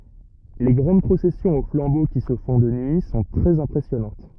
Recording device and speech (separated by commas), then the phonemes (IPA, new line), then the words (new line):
rigid in-ear microphone, read sentence
le ɡʁɑ̃d pʁosɛsjɔ̃z o flɑ̃bo ki sə fɔ̃ də nyi sɔ̃ tʁɛz ɛ̃pʁɛsjɔnɑ̃t
Les grandes processions au flambeau, qui se font de nuit, sont très impressionnantes.